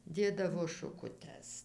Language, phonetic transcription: Lithuanian, ˈdėdavo šukuˈtes

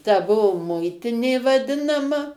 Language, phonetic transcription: Lithuanian, ta ˈbuo ˈmuitinė vaˈdinama

